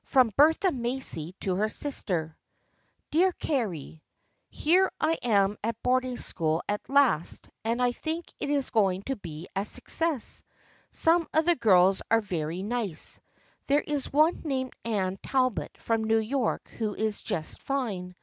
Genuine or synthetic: genuine